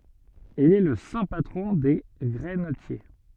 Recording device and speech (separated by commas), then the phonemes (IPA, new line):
soft in-ear microphone, read sentence
il ɛ lə sɛ̃ patʁɔ̃ de ɡʁɛnətje